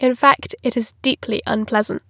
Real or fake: real